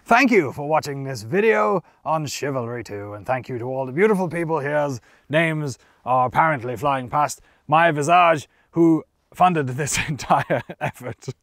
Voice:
knightly voice